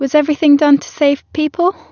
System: none